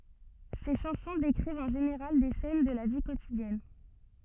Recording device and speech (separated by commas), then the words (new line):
soft in-ear microphone, read sentence
Ses chansons décrivent en général des scènes de la vie quotidienne.